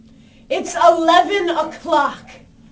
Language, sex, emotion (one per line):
English
female
angry